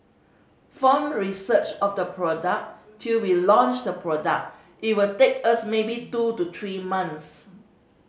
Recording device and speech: mobile phone (Samsung C5010), read sentence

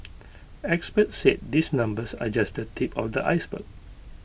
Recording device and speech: boundary microphone (BM630), read sentence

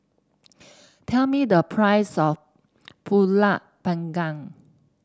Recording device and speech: standing microphone (AKG C214), read sentence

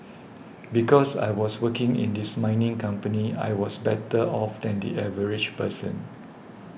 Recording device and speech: boundary microphone (BM630), read sentence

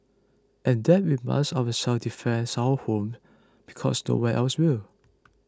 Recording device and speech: close-talking microphone (WH20), read sentence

